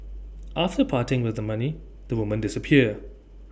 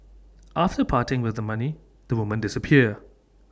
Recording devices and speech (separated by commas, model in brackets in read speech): boundary microphone (BM630), standing microphone (AKG C214), read sentence